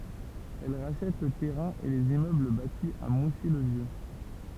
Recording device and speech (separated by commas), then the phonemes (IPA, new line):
temple vibration pickup, read sentence
ɛl ʁaʃɛt lə tɛʁɛ̃ e lez immøbl bati a musi lə vjø